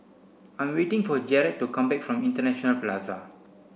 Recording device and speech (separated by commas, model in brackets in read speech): boundary microphone (BM630), read sentence